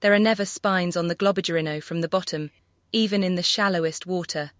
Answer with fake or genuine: fake